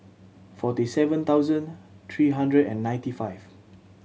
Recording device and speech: mobile phone (Samsung C7100), read sentence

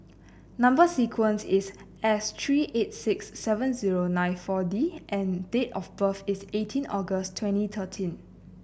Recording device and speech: boundary microphone (BM630), read sentence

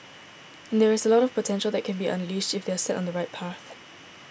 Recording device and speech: boundary microphone (BM630), read sentence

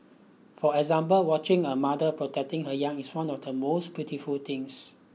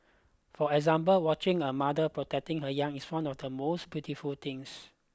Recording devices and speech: mobile phone (iPhone 6), close-talking microphone (WH20), read sentence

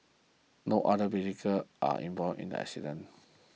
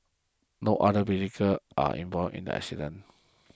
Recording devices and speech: mobile phone (iPhone 6), close-talking microphone (WH20), read sentence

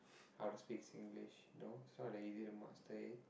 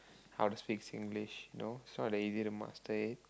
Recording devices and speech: boundary microphone, close-talking microphone, conversation in the same room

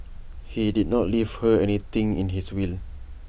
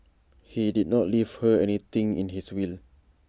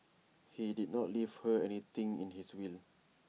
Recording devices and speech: boundary microphone (BM630), standing microphone (AKG C214), mobile phone (iPhone 6), read sentence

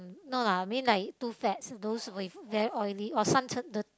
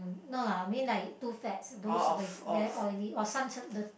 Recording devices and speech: close-talking microphone, boundary microphone, conversation in the same room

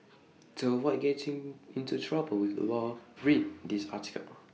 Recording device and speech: mobile phone (iPhone 6), read sentence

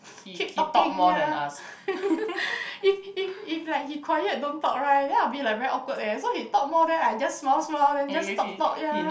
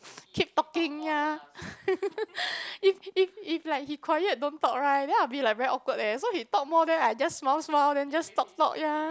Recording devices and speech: boundary microphone, close-talking microphone, conversation in the same room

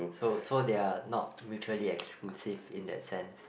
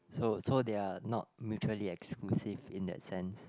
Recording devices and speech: boundary microphone, close-talking microphone, conversation in the same room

